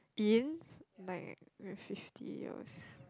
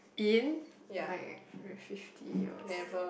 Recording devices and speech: close-talking microphone, boundary microphone, conversation in the same room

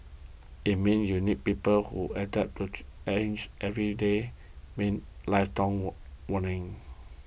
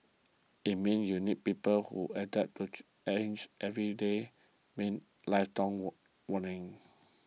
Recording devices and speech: boundary microphone (BM630), mobile phone (iPhone 6), read sentence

